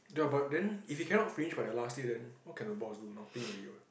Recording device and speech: boundary microphone, conversation in the same room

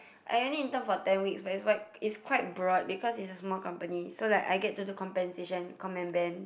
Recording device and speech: boundary microphone, conversation in the same room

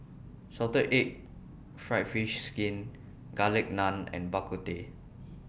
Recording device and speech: boundary microphone (BM630), read sentence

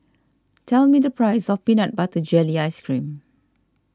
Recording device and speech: standing microphone (AKG C214), read sentence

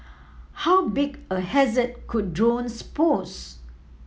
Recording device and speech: mobile phone (iPhone 7), read sentence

